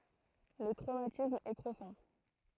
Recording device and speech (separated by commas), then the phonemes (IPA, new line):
throat microphone, read sentence
lə tʁomatism ɛ pʁofɔ̃